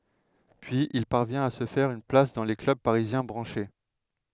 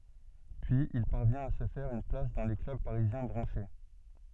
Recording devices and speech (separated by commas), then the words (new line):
headset microphone, soft in-ear microphone, read sentence
Puis il parvient à se faire une place dans les clubs parisiens branchés.